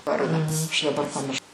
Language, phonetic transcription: Lithuanian, ˈvardą aš daˈbar paˈmirš

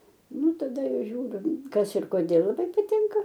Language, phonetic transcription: Lithuanian, ˈnu taˈda ˈžiūriu ˈkas ir koˈdėl laˈbai paˈtinka

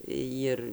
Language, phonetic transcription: Lithuanian, ˈjir

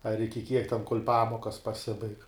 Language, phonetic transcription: Lithuanian, ar iki kiek ten kol' ˈpamokas paˈsibaig

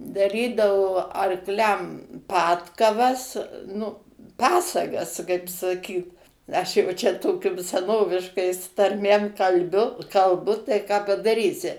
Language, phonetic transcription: Lithuanian, daˈrydavo arkˈliam ˈpadkavas nu ˈpasagas kaip saˈkyt aš jau ˈčia ˈtokium seˈnoviškais tarˈmėm kalˈbiu kalˈbu tai ką padaˈrysi

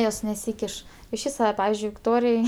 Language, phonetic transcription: Lithuanian, ˈjos neˈsykiš išˈvys va ˈpavizdžiui vikˈtorij

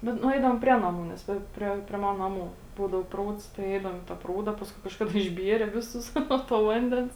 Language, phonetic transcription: Lithuanian, bet nuˈeidavom ˈprie naˌmų nes ˈva i ˈprie prie ˈmana naˈmų ˈbūdau ˈprūds tai ˈeidavom i ta ˈprūda i ˈpaskui kažˈkada išˈbiere ˈviˌsus ˈnuo to ˈvandens

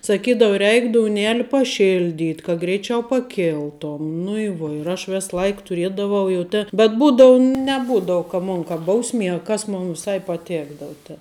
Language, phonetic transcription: Lithuanian, saˈkydavu ˈreik douˈneli paˈšildyt' ka greiˈčiau paˈkiltom nu i ˈvuo ir ˈaš ˈves ˈlaik tuˈriedavau jau ˈtė bet ˈbūdau neˈbūdau ka ˈmun ka ˈbausmie a ˈkas ˈmun viˈsai paˈtekdavu te

